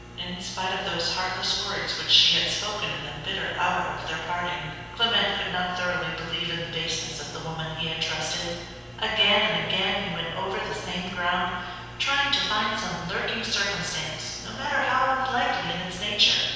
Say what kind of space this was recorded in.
A big, very reverberant room.